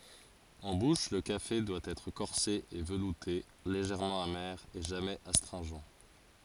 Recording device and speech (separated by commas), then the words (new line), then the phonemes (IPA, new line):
forehead accelerometer, read sentence
En bouche, le café doit être corsé et velouté, légèrement amer et jamais astringent.
ɑ̃ buʃ lə kafe dwa ɛtʁ kɔʁse e vəlute leʒɛʁmɑ̃ ame e ʒamɛz astʁɛ̃ʒɑ̃